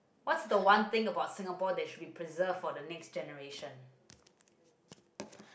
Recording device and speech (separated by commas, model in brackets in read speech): boundary microphone, conversation in the same room